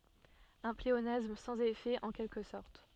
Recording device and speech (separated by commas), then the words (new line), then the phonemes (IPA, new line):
soft in-ear microphone, read sentence
Un pléonasme sans effet, en quelque sorte.
œ̃ pleonasm sɑ̃z efɛ ɑ̃ kɛlkə sɔʁt